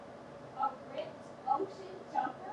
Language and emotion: English, disgusted